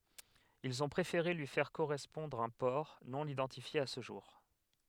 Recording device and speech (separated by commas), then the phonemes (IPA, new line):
headset microphone, read sentence
ilz ɔ̃ pʁefeʁe lyi fɛʁ koʁɛspɔ̃dʁ œ̃ pɔʁ nonidɑ̃tifje a sə ʒuʁ